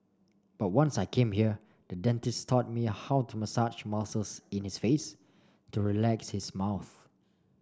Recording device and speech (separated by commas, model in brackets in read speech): standing microphone (AKG C214), read sentence